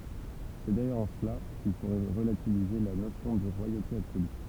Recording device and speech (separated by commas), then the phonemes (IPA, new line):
temple vibration pickup, read sentence
sɛ dajœʁz ɑ̃ səla kil fo ʁəlativize la nosjɔ̃ də ʁwajote absoly